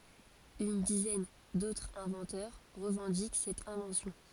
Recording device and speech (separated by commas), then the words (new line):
forehead accelerometer, read sentence
Une dizaine d'autres inventeurs revendiquent cette invention.